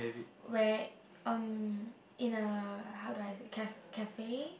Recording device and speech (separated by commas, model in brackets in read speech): boundary microphone, conversation in the same room